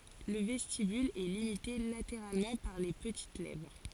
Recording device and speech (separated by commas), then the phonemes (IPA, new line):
forehead accelerometer, read sentence
lə vɛstibyl ɛ limite lateʁalmɑ̃ paʁ le pətit lɛvʁ